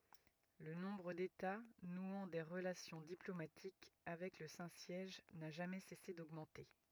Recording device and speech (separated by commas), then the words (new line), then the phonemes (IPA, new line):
rigid in-ear microphone, read sentence
Le nombre d'États nouant des relations diplomatiques avec le Saint-Siège n'a jamais cessé d'augmenter.
lə nɔ̃bʁ deta nwɑ̃ de ʁəlasjɔ̃ diplomatik avɛk lə sɛ̃ sjɛʒ na ʒamɛ sɛse doɡmɑ̃te